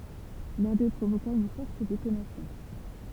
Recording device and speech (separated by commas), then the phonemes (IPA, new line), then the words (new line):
temple vibration pickup, read sentence
lœ̃ dø pʁovoka yn fɔʁt detonasjɔ̃
L'un d'eux provoqua une forte détonation.